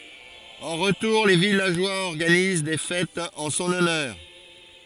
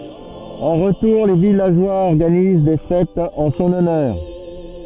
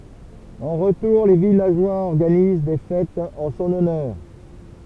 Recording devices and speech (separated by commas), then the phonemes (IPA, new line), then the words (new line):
forehead accelerometer, soft in-ear microphone, temple vibration pickup, read sentence
ɑ̃ ʁətuʁ le vilaʒwaz ɔʁɡaniz de fɛtz ɑ̃ sɔ̃n ɔnœʁ
En retour, les villageois organisent des fêtes en son honneur.